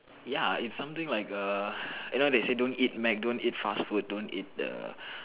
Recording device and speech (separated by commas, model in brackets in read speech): telephone, conversation in separate rooms